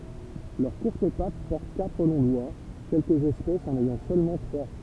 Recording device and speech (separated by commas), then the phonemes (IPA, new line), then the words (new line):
temple vibration pickup, read sentence
lœʁ kuʁt pat pɔʁt katʁ lɔ̃ dwa kɛlkəz ɛspɛsz ɑ̃n ɛjɑ̃ sølmɑ̃ tʁwa
Leurs courtes pattes portent quatre longs doigts, quelques espèces en ayant seulement trois.